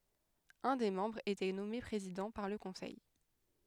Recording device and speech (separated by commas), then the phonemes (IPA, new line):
headset microphone, read sentence
œ̃ de mɑ̃bʁz etɛ nɔme pʁezidɑ̃ paʁ lə kɔ̃sɛj